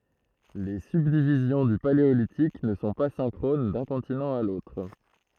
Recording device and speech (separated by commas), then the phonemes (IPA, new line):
throat microphone, read sentence
le sybdivizjɔ̃ dy paleolitik nə sɔ̃ pa sɛ̃kʁon dœ̃ kɔ̃tinɑ̃ a lotʁ